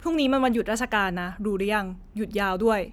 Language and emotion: Thai, frustrated